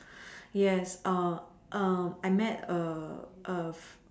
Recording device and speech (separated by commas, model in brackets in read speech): standing microphone, conversation in separate rooms